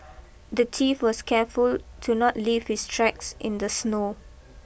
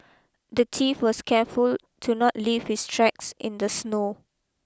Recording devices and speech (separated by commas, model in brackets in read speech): boundary microphone (BM630), close-talking microphone (WH20), read sentence